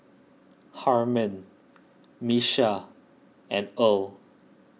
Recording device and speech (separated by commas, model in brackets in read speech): mobile phone (iPhone 6), read sentence